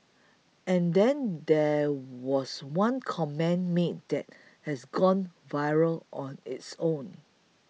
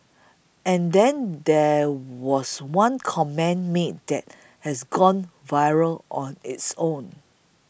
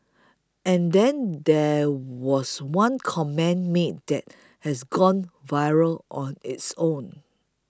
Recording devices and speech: mobile phone (iPhone 6), boundary microphone (BM630), close-talking microphone (WH20), read sentence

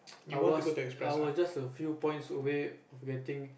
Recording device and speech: boundary microphone, conversation in the same room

